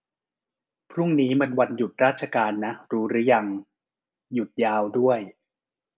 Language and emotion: Thai, neutral